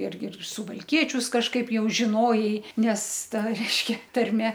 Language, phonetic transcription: Lithuanian, ˈirgi ir suvalˈkiečius kažˈkaip jau žiˈnojai nes ˈta reišˈkia tarˈme

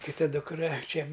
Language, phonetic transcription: Lithuanian, kiˈta dukˈra ˈčia

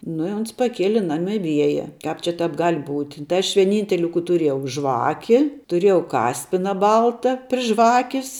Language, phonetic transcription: Lithuanian, nu i ˈons paˈkieli ˈnami ˈvieja ˈkāp čia ˈtāp ˈgal' būt' tai aš vieˈnynteli kų tuˈriejau ˈžvaki tuˈrėjau ˈkaspina ˈbalta pri ˈžvakis

